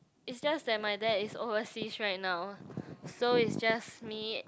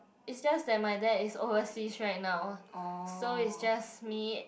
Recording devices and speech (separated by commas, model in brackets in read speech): close-talking microphone, boundary microphone, conversation in the same room